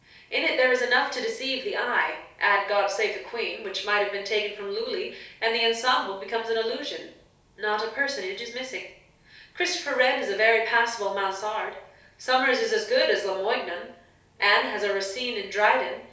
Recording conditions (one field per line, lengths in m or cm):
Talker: one person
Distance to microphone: 3.0 m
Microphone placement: far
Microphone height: 1.8 m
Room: small (3.7 m by 2.7 m)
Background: none